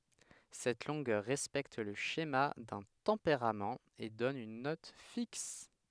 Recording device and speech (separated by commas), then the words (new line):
headset microphone, read sentence
Cette longueur respecte le schéma d'un tempérament et donne une note fixe.